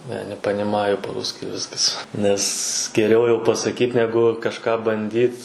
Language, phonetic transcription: Lithuanian, ˈne nepaniˈmaju pa ˈrūski ˈviskas ˈnes geˈriau jau pasaˈkyt ˈnegu kažˈką banˈdyt

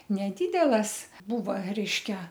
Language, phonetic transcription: Lithuanian, neˈdydelas ˈbūva ˈreiškia

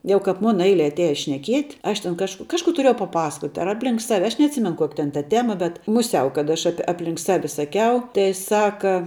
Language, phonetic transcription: Lithuanian, ˈjau kap ˈmuna ˈeile atˈiaja šneˈkiet' ˈaš ten ˈkažk ˈkažˌkų tuˈriejau paˈpasakot' ar ˈapˌlink ˈsavi ˈaš neatˈsimen ˈkoki ten ta ˈtema bet muˈsiau kad ˈaš ˈapi ˈapˌlink ˈsavi saˈkiau tai ˈsaka

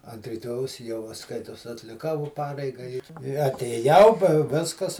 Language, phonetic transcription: Lithuanian, ant riˈtojaus jau va ˈskaitos atliˈkau va ˈpareiga i i atėˈjau pa ˈviskas

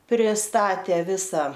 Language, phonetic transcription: Lithuanian, priˈstatė ˈvisa

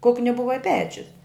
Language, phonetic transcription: Lithuanian, ˈkukni ˈbuva i ˈpečius

